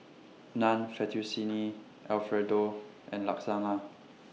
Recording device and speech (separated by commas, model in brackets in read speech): mobile phone (iPhone 6), read sentence